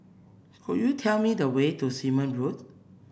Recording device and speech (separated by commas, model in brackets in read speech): boundary microphone (BM630), read sentence